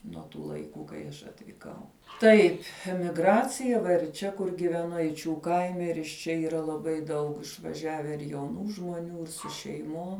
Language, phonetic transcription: Lithuanian, nuo tų laiˈkų kai ˈaš atvyˈkau ˈtaip' migˈracija va ir ˈčia kur giveˈnu eiˈčių ˈkaime ir iš ˈčia yˈra laˈbai ˈdaug išvaˈžiave ir jauˈnų žmuoˈnių ir su šeiˈmom

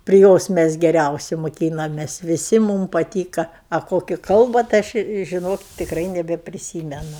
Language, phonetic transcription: Lithuanian, pri ˈjos mes geˈriausi moˈkynamės viˈsi ˈmūm paˈtyka a ˈkoki ˈkalba tai ˈaš i žiˈnok tikˈrai nebepriˈsymenu

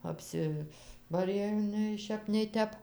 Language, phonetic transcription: Lithuanian, apˈsibarė jau nei ˈšep nei ˈtep

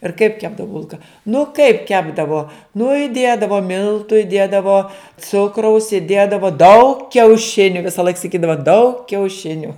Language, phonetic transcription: Lithuanian, ir kaip ˈkepdavuˈ bulka nu kaip ˈkepdavo nu iˈdėdavo ˈmiltu iˈdėdavo ˈcukraus iˈdėdavo daug kiauˈšiniu visaˈlaik saˈkydava daug kiauˈšiniu

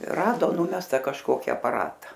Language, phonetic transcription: Lithuanian, ˈrado ˈnumesta kažˈkoki apaˈrata

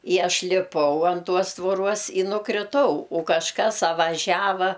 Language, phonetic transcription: Lithuanian, i ˈaš liˈpau an ˈtuos tvoˈruos i nukriˈtau u kažˈkas a vaˈžiava

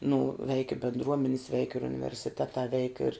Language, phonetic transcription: Lithuanian, nu veik i bendˈruomenis veik ir universiˈtetā veik ir

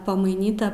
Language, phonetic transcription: Lithuanian, pamaiˈnyta

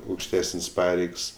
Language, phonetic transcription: Lithuanian, aukšˈtesəns' ˈpareigs

